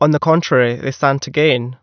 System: none